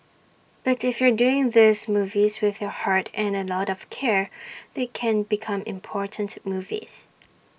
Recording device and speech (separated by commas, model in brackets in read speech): boundary microphone (BM630), read sentence